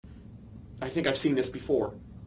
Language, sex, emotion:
English, male, fearful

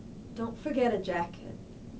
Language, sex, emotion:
English, female, neutral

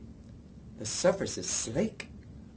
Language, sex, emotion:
English, male, fearful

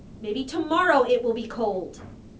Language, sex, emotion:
English, female, angry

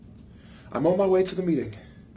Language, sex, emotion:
English, male, neutral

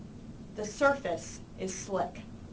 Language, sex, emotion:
English, female, neutral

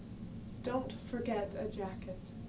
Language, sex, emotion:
English, female, neutral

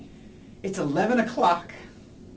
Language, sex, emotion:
English, male, sad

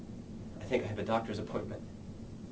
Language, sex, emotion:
English, male, neutral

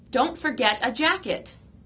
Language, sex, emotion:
English, female, angry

